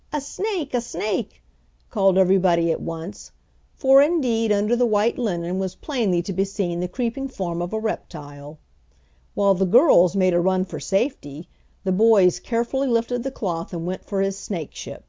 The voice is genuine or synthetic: genuine